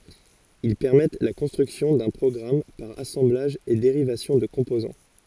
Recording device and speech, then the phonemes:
forehead accelerometer, read sentence
il pɛʁmɛt la kɔ̃stʁyksjɔ̃ dœ̃ pʁɔɡʁam paʁ asɑ̃blaʒ e deʁivasjɔ̃ də kɔ̃pozɑ̃

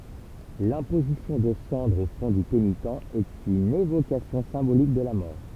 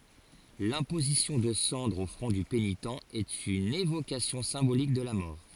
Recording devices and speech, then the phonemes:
temple vibration pickup, forehead accelerometer, read sentence
lɛ̃pozisjɔ̃ də sɑ̃dʁz o fʁɔ̃ dy penitɑ̃ ɛt yn evokasjɔ̃ sɛ̃bolik də la mɔʁ

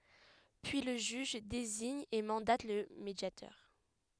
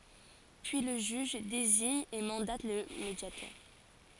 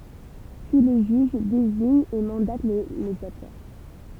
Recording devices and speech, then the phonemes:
headset microphone, forehead accelerometer, temple vibration pickup, read sentence
pyi lə ʒyʒ deziɲ e mɑ̃dat lə medjatœʁ

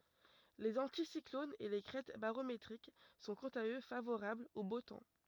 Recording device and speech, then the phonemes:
rigid in-ear microphone, read sentence
lez ɑ̃tisiklonz e le kʁɛt baʁometʁik sɔ̃ kɑ̃t a ø favoʁablz o bo tɑ̃

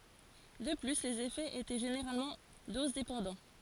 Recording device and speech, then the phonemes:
forehead accelerometer, read sentence
də ply lez efɛz etɛ ʒeneʁalmɑ̃ dozdepɑ̃dɑ̃

